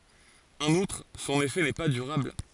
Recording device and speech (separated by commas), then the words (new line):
forehead accelerometer, read sentence
En outre, son effet n'est pas durable.